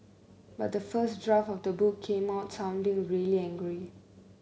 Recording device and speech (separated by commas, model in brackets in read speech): mobile phone (Samsung C9), read sentence